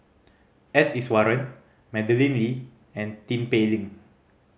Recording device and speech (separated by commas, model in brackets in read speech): mobile phone (Samsung C5010), read sentence